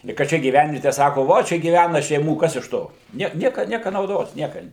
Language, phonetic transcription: Lithuanian, i ka ˈčia gyˈvenviete ˈsako ˈvo ˈčia gyˈvæna šeiˈmų ˈkas iš ˈto ˈniek ˈnieka ˈnieka nauˈdos ˈnieka

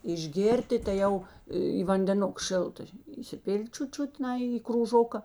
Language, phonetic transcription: Lithuanian, išˈgėrti tai ˈjau į vandeˈnuk ˈšilta įsiˈpil't' ˈčiut ˈčiut ˈnai i krūˈžoka

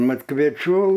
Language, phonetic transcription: Lithuanian, ˈmat kvėˈčių

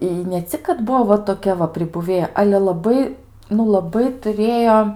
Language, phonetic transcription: Lithuanian, i ne ˈcik kad ˈbuvo va toˈkia va pribuˈvėja ˈale laˈbai nu laˈbai tuˈrėjo

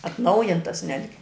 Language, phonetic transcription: Lithuanian, atˈnaujintas ˈnetgi

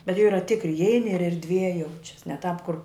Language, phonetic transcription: Lithuanian, bet jau ˈyra ˈtikri iˈeini ir erdˈvie ˈjaučias ne tāp kur

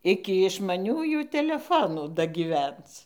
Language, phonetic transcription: Lithuanian, ˈiki išmaˈniųjų teleˈfonų dagyˈvenc

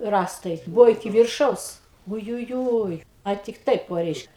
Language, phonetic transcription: Lithuanian, ˈrąstai ˈbuvo iˈki virˈšaus ujuˈjūj a ˈtik ˈtaip ˈo ˈreišk

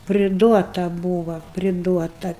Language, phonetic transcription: Lithuanian, priˈduota ˈbūva priˈduota

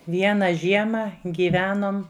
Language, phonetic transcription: Lithuanian, ˈviena ˈžiema ˈgyvenom

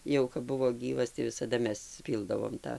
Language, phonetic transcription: Lithuanian, ˈjau kap ˈbuvo ˈgyvas tai visaˈda ˈmes ˈpyldavom ˈtą

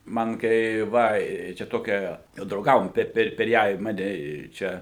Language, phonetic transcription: Lithuanian, ˈman kai ˈva i čia ˈtokia jau drauˈgavom ˈper per ˈją i ˈmane ˈčia

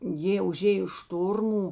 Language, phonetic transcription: Lithuanian, ˈjė uˈžėjo ˈštormų

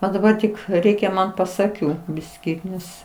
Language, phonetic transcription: Lithuanian, a daˈbar tik ˈreikia ˈman pas aˈkių ˈbiskį ˈnes

